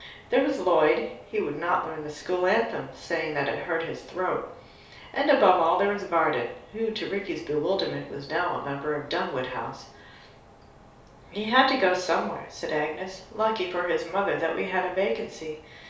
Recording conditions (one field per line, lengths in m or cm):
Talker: one person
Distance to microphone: 3.0 m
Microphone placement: far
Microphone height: 1.8 m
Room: small (3.7 m by 2.7 m)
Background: none